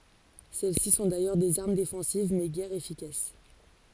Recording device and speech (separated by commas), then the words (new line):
forehead accelerometer, read sentence
Celles-ci sont d'ailleurs des armes défensives mais guère efficaces.